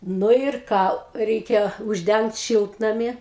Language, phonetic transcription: Lithuanian, ˈnu ir ˈką ˈreikia užˈdengt ˈšiltnami

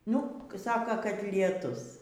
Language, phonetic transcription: Lithuanian, ˈnu ˈsaka katlieˈtus

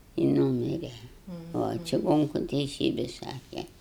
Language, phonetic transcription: Lithuanian, i ˈnūmire o čiˈgonku teiˈsybi ˈsake

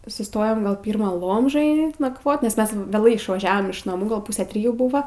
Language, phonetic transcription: Lithuanian, suˈstojom ˈgal ˈpyrma ˈlomžoje nakˈvot nes ˈmes vėˈlai išvaˈžiavom iš naˈmų ˈgal ˈpūsę ˈtrijų ˈbuva

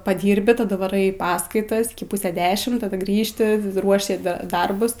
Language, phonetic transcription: Lithuanian, paˈdyrbi taˈda vaˈrai i ˈpaskaitas ˈiki ˈpūse ˈdešim taˈda ˈgrįžti ˈruoši ˈda ˈdarbus

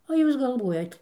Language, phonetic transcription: Lithuanian, o ˈjūs galˈvuojat

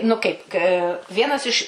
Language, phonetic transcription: Lithuanian, nu ˈkaip k ˈvienas iš

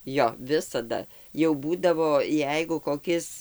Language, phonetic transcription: Lithuanian, ˈjo ˈvisada jau ˈbūdavo ˈjeigu koˈkis

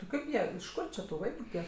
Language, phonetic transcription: Lithuanian, ti ˈkaip ˈjie iš ˈkur či tu ˈvaiku tiek

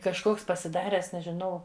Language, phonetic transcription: Lithuanian, kažˈkoks pasiˈdaręs nežiˈnau

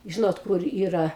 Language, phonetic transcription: Lithuanian, ˈžinot ˈkur ˈyra

